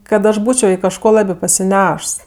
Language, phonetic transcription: Lithuanian, kad ˈaš ˈbūčio i kažˈko ˈlabi pasiˈnešs

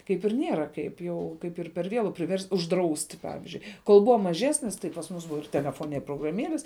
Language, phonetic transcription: Lithuanian, ˈkaip ir ˈnėra kaip ˈjau ˈkaip ir per ˈvėlu priˈverst' užˈdrausti ˈpavizdžiui kol ˈbuva maˈžesnis tai pas ˈmus ˈbuva ir teleˈfone ir prograˈmielis

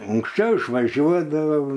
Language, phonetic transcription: Lithuanian, unksˈčiau išvaˈžiuodavau

